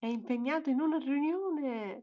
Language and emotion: Italian, happy